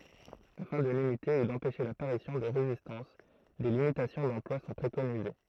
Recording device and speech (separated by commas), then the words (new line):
throat microphone, read sentence
Afin de limiter ou d'empêcher l'apparition de résistance, des limitations d'emploi sont préconisées.